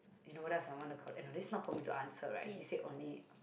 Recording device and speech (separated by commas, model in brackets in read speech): boundary microphone, conversation in the same room